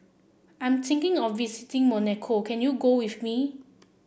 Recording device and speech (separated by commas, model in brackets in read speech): boundary microphone (BM630), read sentence